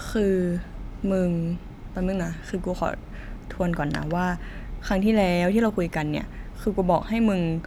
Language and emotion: Thai, frustrated